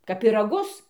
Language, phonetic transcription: Lithuanian, kap piraˈgus

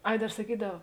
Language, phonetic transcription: Lithuanian, ˈai ˈdar saˈkydav

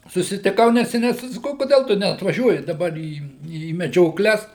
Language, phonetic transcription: Lithuanian, susitiˈkau neseˈniai tai saˈkau kuˈdel tu neatvaˈžiuoji daˈbar į į medžioˈkles

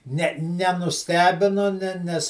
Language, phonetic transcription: Lithuanian, ˈne nenuˈstebinu ˈne ˈnes

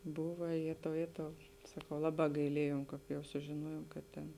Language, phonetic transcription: Lithuanian, ˈbuva ˈjėtau ˈjėtau saˈkau ˈlaˌbā gaiˈliejom ˈkāp jau sužiˈnuojom kad ˈtėn

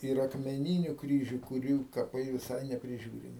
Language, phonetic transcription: Lithuanian, ir akmeˈnyniu ˈkryžiu kuˈrių kaˈpai viˈsai nepriˈžiūrimi

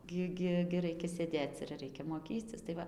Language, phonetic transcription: Lithuanian, ˈgi ˈgi gi ˈraikia sėˈdėc ir ˈreikia moˈkycis tai ˈva

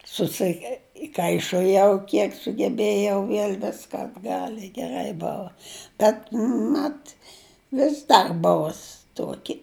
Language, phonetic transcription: Lithuanian, susiˈkaišojau ˈkiek sugeˈbėjau ˈviel' ˈviska atˈgal' i geˈrai ˈbova ˈbet ˈmat ˈvis dar ˈbuvus ˈtuoki

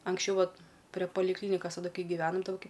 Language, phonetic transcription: Lithuanian, anksˈčiau ˈvat pre palikˈlynikas taˈdu ˈkai givenam ˈtoki

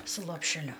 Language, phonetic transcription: Lithuanian, su lopšeˈliu

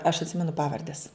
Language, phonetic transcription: Lithuanian, aš atˈsimenu ˈpavardes

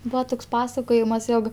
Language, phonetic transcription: Lithuanian, ˈbūa ˈtoks ˈpasakojimas ˈjog

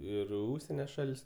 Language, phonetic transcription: Lithuanian, ˈir i ˈužsienio ˈšal's'

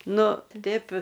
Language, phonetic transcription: Lithuanian, ˈnu ˈtip'

